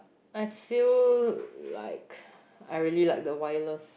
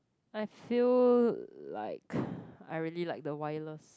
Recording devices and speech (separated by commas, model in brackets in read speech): boundary microphone, close-talking microphone, conversation in the same room